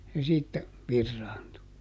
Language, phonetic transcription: Finnish, se siittä , ˈvirraantu .
- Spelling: se siitä viraantui

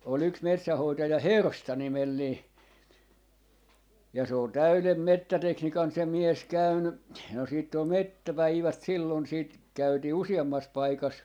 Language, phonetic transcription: Finnish, ol ‿yks 'metsähoitaja "Hersta 'nimellii , ja se on "täylem "mettäteknikan se 'mies 'käyny , no 'siitt ‿ol "mettä'päivät 'sillon siit , 'käytii "usi₍ammas 'paikas ,.
- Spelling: oli yksi metsähoitaja Hersta nimellinen ja se on täyden metsätekniikan se mies käynyt no sitten oli metsäpäivät silloin sitten käytiin useammassa paikassa

